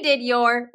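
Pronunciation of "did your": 'Did your' is said here without coalescence: the d sound at the end of 'did' and the y sound at the start of 'your' do not merge.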